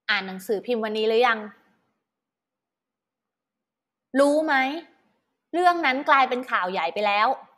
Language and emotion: Thai, frustrated